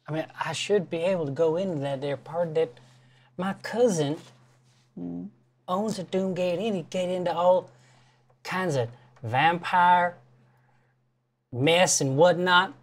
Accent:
slurred Southern drawl in gentle voice